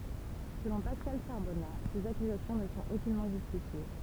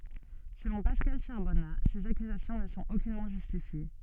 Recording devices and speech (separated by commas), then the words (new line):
temple vibration pickup, soft in-ear microphone, read sentence
Selon Pascal Charbonnat, ces accusations ne sont aucunement justifiées.